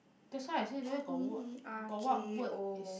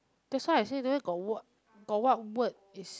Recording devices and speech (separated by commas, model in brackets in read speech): boundary microphone, close-talking microphone, conversation in the same room